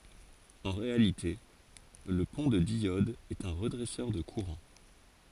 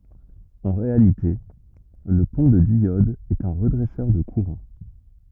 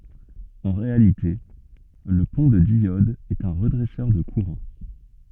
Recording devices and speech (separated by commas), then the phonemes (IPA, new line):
forehead accelerometer, rigid in-ear microphone, soft in-ear microphone, read sentence
ɑ̃ ʁealite lə pɔ̃ də djɔd ɛt œ̃ ʁədʁɛsœʁ də kuʁɑ̃